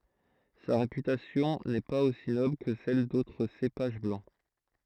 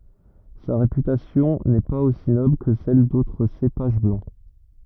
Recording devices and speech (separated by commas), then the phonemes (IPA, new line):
throat microphone, rigid in-ear microphone, read sentence
sa ʁepytasjɔ̃ nɛ paz osi nɔbl kə sɛl dotʁ sepaʒ blɑ̃